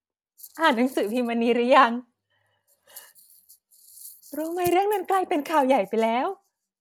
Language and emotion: Thai, happy